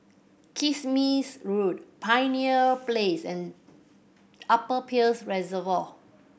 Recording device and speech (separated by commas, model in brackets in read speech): boundary microphone (BM630), read sentence